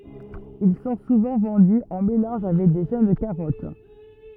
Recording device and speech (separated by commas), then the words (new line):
rigid in-ear microphone, read sentence
Ils sont souvent vendus en mélange avec de jeunes carottes.